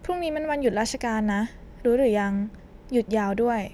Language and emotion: Thai, neutral